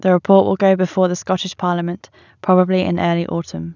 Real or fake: real